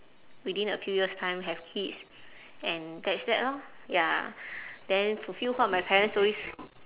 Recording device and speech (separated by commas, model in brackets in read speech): telephone, conversation in separate rooms